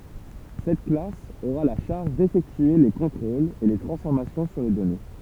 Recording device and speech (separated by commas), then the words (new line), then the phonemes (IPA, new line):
temple vibration pickup, read sentence
Cette classe aura la charge d'effectuer les contrôles et les transformations sur les données.
sɛt klas oʁa la ʃaʁʒ defɛktye le kɔ̃tʁolz e le tʁɑ̃sfɔʁmasjɔ̃ syʁ le dɔne